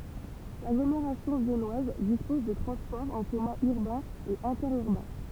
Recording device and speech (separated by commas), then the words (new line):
temple vibration pickup, read sentence
L'agglomération viennoise dispose de transports en commun urbains et interurbains.